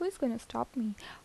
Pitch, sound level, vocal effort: 250 Hz, 76 dB SPL, soft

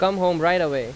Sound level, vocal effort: 92 dB SPL, very loud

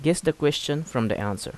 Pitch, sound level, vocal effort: 145 Hz, 83 dB SPL, normal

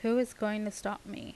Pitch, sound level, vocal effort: 210 Hz, 82 dB SPL, normal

